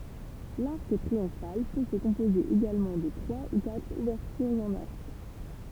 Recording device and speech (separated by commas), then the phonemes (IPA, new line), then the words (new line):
temple vibration pickup, read sentence
laʁk tʁiɔ̃fal pø sə kɔ̃poze eɡalmɑ̃ də tʁwa u katʁ uvɛʁtyʁz ɑ̃n aʁk
L'arc triomphal peut se composer également de trois ou quatre ouvertures en arc.